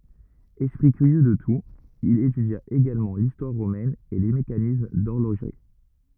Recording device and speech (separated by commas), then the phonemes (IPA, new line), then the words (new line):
rigid in-ear microphone, read sentence
ɛspʁi kyʁjø də tut il etydja eɡalmɑ̃ listwaʁ ʁomɛn e le mekanism dɔʁloʒʁi
Esprit curieux de tout, il étudia également l’histoire romaine et les mécanismes d’horlogerie.